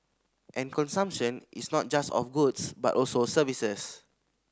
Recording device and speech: standing microphone (AKG C214), read sentence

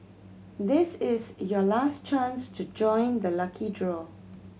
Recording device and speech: mobile phone (Samsung C7100), read sentence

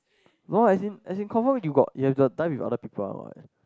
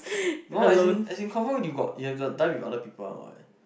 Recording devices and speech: close-talking microphone, boundary microphone, conversation in the same room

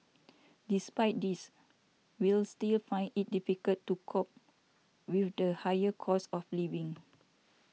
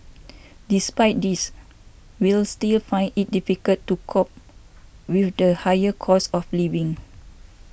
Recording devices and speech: mobile phone (iPhone 6), boundary microphone (BM630), read sentence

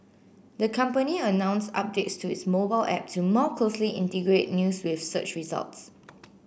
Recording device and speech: boundary microphone (BM630), read sentence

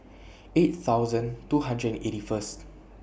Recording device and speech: boundary microphone (BM630), read sentence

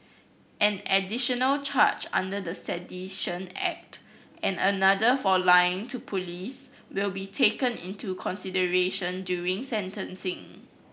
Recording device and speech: boundary microphone (BM630), read sentence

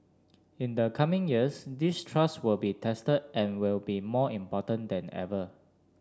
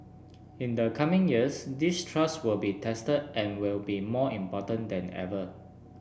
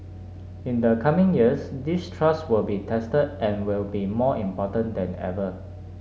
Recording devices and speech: standing microphone (AKG C214), boundary microphone (BM630), mobile phone (Samsung S8), read sentence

